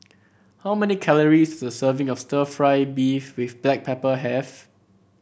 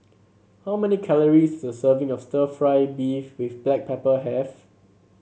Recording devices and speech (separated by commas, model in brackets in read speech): boundary microphone (BM630), mobile phone (Samsung C7), read sentence